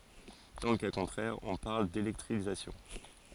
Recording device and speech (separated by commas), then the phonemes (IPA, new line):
forehead accelerometer, read sentence
dɑ̃ lə ka kɔ̃tʁɛʁ ɔ̃ paʁl delɛktʁizasjɔ̃